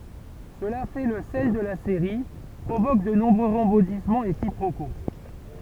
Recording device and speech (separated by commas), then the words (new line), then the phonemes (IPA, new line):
temple vibration pickup, read sentence
Cela fait le sel de la série, provoque de nombreux rebondissements et quiproquos.
səla fɛ lə sɛl də la seʁi pʁovok də nɔ̃bʁø ʁəbɔ̃dismɑ̃z e kipʁoko